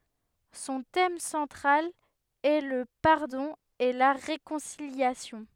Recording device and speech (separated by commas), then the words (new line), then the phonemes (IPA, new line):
headset microphone, read sentence
Son thème central est le pardon et la réconciliation.
sɔ̃ tɛm sɑ̃tʁal ɛ lə paʁdɔ̃ e la ʁekɔ̃siljasjɔ̃